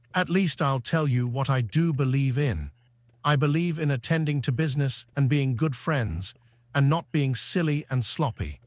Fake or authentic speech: fake